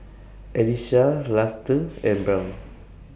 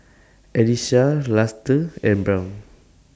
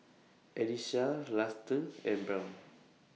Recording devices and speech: boundary microphone (BM630), standing microphone (AKG C214), mobile phone (iPhone 6), read sentence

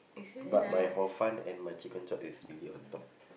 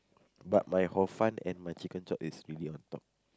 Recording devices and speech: boundary microphone, close-talking microphone, conversation in the same room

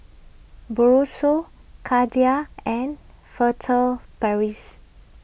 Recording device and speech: boundary microphone (BM630), read sentence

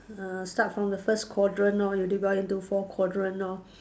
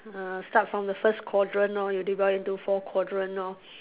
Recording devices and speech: standing microphone, telephone, conversation in separate rooms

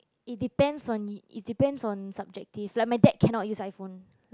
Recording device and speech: close-talking microphone, conversation in the same room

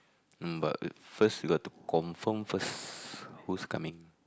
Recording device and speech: close-talking microphone, conversation in the same room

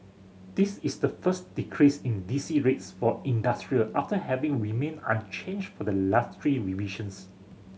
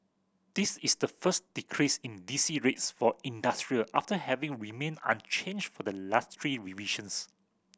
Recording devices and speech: mobile phone (Samsung C7100), boundary microphone (BM630), read sentence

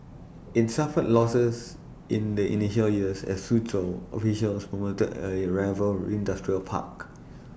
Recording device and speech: boundary microphone (BM630), read sentence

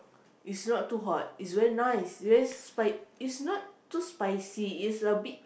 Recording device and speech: boundary microphone, conversation in the same room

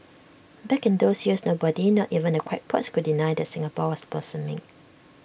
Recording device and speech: boundary microphone (BM630), read sentence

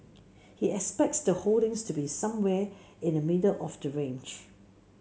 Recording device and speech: mobile phone (Samsung C7), read sentence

